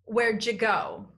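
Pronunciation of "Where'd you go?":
'Where did you' is said in the reduced form 'where'd ya', so 'you' sounds like 'ya' in 'where'd ya go'.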